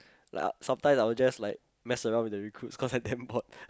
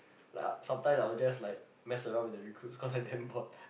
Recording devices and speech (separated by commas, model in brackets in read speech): close-talking microphone, boundary microphone, conversation in the same room